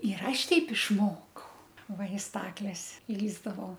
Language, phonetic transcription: Lithuanian, ir ˈaš ˈteip išˈmokau ˈva i ˈstakles ˈlįsdavau

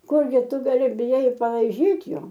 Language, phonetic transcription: Lithuanian, ˈkurgi ˈtu gaˈli biˈjai i palaiˈžyt' ˈjo

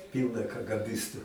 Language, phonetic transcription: Lithuanian, ˈpylna kagaˈbistu

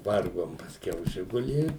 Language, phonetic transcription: Lithuanian, ˈvargom pasˈkiau ˈžigulį

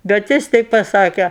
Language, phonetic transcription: Lithuanian, bet ˈjis ˈteip paˈsake

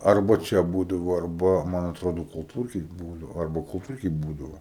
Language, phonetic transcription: Lithuanian, ˈarba ˈčia ˈbūdavo arˈba ˈman atˈrodo kulˈtūrkėj ˈbūdavo ˈarba kulˈtūrkėj ˈbūdavo

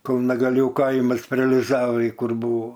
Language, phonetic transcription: Lithuanian, kalnagaˈlių ˈkaimas pre aliˈzavai ˈkur ˈbūvo

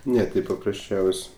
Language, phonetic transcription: Lithuanian, ˈne ˈti paprasˈčiaus'

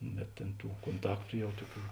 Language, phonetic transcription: Lithuanian, bet tėn ˈtų konˈtaktu ˈjau ˈtuoˌkių

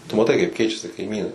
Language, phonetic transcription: Lithuanian, tu maˈtai kaip ˈkeičiasi kaiˈmynai

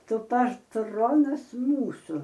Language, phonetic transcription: Lithuanian, ˈtu patˈronas ˈmūsu

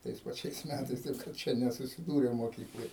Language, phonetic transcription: Lithuanian, ˈtais paˈčiais ˈmætais ˈtaip kad ˈčia nesusiˈdūrėm moˈkykloj

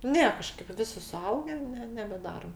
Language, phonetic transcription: Lithuanian, ˈne ˈkažkaip ˈvisi suˈauge ne nebeˈdarom

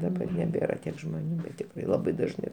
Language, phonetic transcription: Lithuanian, daˈbar neˈbėra ˈtiek žmoˈnių ˈbet tikˈrai laˈbai dažˈnai

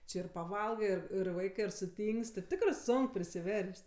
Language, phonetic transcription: Lithuanian, ˈči ir paˈvalgɜ ir ir ˈvaikɜ ir suˈtyngs't' ir ˈtikrɜ ˈsonk prisiˈvers't'

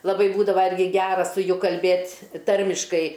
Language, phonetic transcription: Lithuanian, laˈbai ˈbūdava ˈirgi ˈgera su ˈju kalˈbėt' ˈtarmiškai

